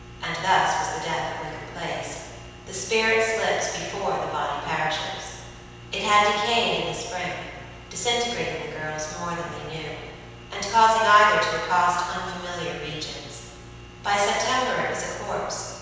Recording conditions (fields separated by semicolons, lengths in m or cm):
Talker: one person; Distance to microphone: 7.1 m; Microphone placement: far; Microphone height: 1.7 m; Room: very reverberant, large; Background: none